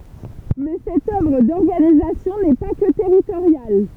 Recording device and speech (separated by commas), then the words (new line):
temple vibration pickup, read sentence
Mais cette œuvre d’organisation n’est pas que territoriale.